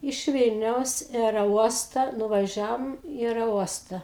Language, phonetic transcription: Lithuanian, iš ˈvylniaus i aereˈuosta nuvaˈžiavom i aereˈuosta

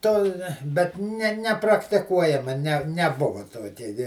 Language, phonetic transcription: Lithuanian, to bet ˈne nepraktiˈkuojama ˈne neˈbuva ˈtokia gi

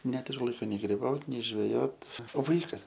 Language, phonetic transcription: Lithuanian, ˈneturiu ˈlaiko nei griˈbaut nei žveˈjot o ˈvaikas

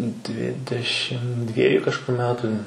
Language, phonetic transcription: Lithuanian, ˈdvidešim ˈdvieju kažˈkur ˈmetu

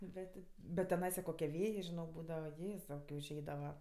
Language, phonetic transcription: Lithuanian, ˈbet' ti bet teˈnaisa ˈkokie ˈvėjė žiˈnok ˈbūdavaˈjėzau užˈeidava

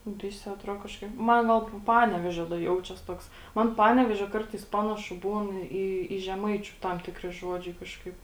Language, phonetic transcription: Lithuanian, ˈvisi aˈtro kažˈkaip ˈman ˈgal ˈpanevėžio da ˈjaučias ˈtoks ˈman ˈpanevėžio ˈkartais ˈpanašu ˈbūn ˈį į žeˈmaičiu ˈtam ˈtikri ˈžuodžiai ˈkažkaip

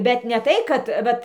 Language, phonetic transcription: Lithuanian, bet ne ˈtai kad ˈvat

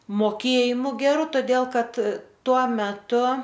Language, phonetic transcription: Lithuanian, moˈkėjimu geˈru toˈdėl ˈkad ˈtuo meˈtu

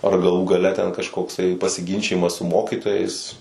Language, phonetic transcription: Lithuanian, ar gaˈlų gaˈle ten kažkokˈsai pasiˈginčijimas su ˈmokytojais

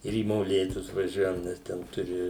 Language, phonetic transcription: Lithuanian, ir į moˈlėtus vaˈžiuojam nes ˈten ˈturi

